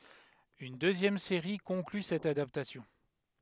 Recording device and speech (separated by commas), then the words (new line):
headset microphone, read sentence
Une deuxième série conclut cette adaptation.